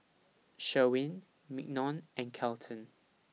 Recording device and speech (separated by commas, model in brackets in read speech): mobile phone (iPhone 6), read sentence